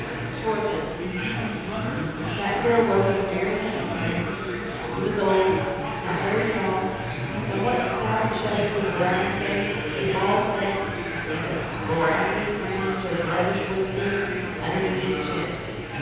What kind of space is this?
A big, echoey room.